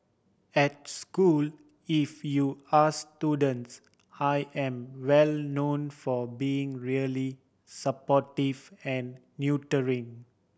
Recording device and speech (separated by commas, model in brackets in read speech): boundary microphone (BM630), read sentence